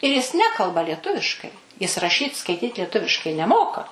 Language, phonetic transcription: Lithuanian, ir jis ˈnekalba lieˈtuviškai ˈjis raˈšyt skaiˈtyt lieˈtuviškai neˈmoka

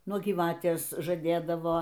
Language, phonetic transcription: Lithuanian, ˈnuo gyˈvatės žaˈdėdavo

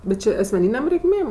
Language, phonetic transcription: Lithuanian, bet ˈčė asmeˈnynėm reikˈmėm

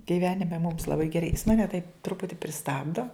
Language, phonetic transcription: Lithuanian, giˈvenime mums laˈbai geˈrai jis maˈne taip ˈtruputi priˈstabdo

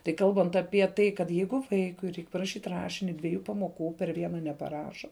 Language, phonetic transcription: Lithuanian, tai ˈkalbant apie ˈtai kad ˈjeigu ˈvaikui ˈreik paraˈšyt' ˈrašini dvieˈjų pamoˈkų per ˈviena nepaˈraša

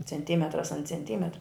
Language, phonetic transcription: Lithuanian, cenˈtymetras an cenˈtymetra

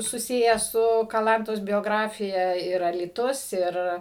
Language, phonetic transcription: Lithuanian, suˈsiję ˈsu kaˈlantos bioˈgrafija ir alyˈtus ˈir

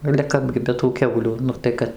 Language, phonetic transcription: Lithuanian, ale ˈkapgi be tų ˈkiaulių ˈnu tai ˈkad

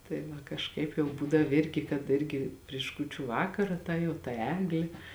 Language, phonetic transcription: Lithuanian, tai ˈva kažˈkaip jau ˈbūdav ˈirgi kad ˈirgi priš ˈkūčiu ˈvakara ˈta jau ta ˈeglė

